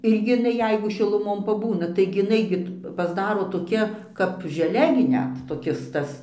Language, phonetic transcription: Lithuanian, ˈirgi iˈnai ˈjeigu šiluˈmon paˈbūna taigi iˈnai gi pasˈdaro toˈkia kap žeˈle gi ˈnet toˈkis ˈtas

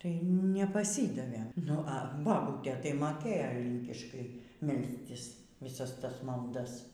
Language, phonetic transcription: Lithuanian, tai nepaˈsydavėm nu a baˈbūtė tai ˈmokėjo ˈlynkiškai ˈmelstis viˈsas ˈtas malˈdas

